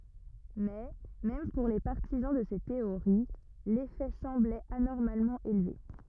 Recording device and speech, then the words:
rigid in-ear microphone, read sentence
Mais même pour les partisans de ces théories, l'effet semblait anormalement élevé.

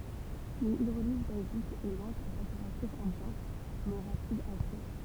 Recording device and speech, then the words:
temple vibration pickup, read sentence
Une hydrolyse basique est lente a température ambiante mais rapide à chaud.

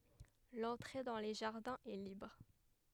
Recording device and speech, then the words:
headset microphone, read sentence
L'entrée dans les jardins est libre.

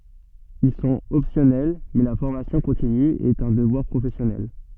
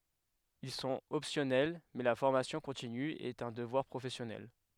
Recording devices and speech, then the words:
soft in-ear microphone, headset microphone, read sentence
Ils sont optionnels… mais la formation continue est un devoir professionnel.

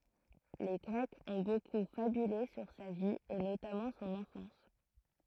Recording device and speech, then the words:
throat microphone, read sentence
Les Grecs ont beaucoup fabulé sur sa vie et notamment son enfance.

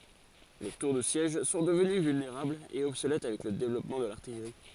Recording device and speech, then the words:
forehead accelerometer, read sentence
Les tours de siège sont devenues vulnérables et obsolètes avec le développement de l’artillerie.

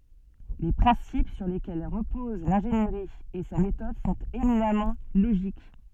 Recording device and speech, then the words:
soft in-ear microphone, read sentence
Les principes sur lesquels reposent l’ingénierie et sa méthode sont éminemment logiques.

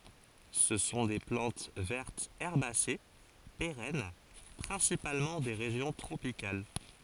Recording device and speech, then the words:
forehead accelerometer, read sentence
Ce sont des plantes vertes herbacées, pérennes, principalement des régions tropicales.

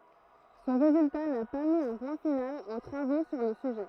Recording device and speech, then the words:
throat microphone, read sentence
Son résultat n'a pas mis un point final aux travaux sur le sujet.

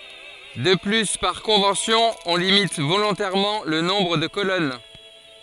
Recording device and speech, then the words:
forehead accelerometer, read sentence
De plus par convention on limite volontairement le nombre de colonnes.

